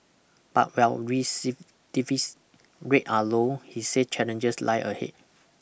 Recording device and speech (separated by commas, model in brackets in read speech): boundary microphone (BM630), read sentence